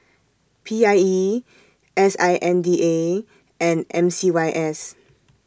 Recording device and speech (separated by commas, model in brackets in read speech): standing microphone (AKG C214), read sentence